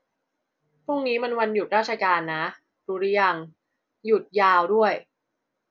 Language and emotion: Thai, neutral